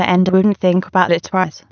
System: TTS, waveform concatenation